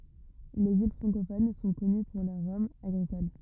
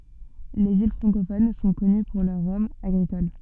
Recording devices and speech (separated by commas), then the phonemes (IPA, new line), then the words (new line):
rigid in-ear microphone, soft in-ear microphone, read sentence
lez il fʁɑ̃kofon sɔ̃ kɔny puʁ lœʁ ʁɔmz aɡʁikol
Les îles francophones sont connues pour leurs rhums agricoles.